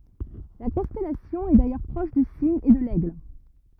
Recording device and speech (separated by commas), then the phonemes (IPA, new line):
rigid in-ear microphone, read sentence
la kɔ̃stɛlasjɔ̃ ɛ dajœʁ pʁɔʃ dy siɲ e də lɛɡl